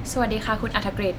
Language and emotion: Thai, neutral